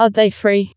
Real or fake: fake